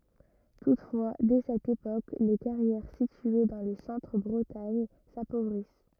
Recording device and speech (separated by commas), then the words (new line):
rigid in-ear microphone, read sentence
Toutefois, dès cette époque, les carrières situées dans le centre Bretagne s'appauvrissent.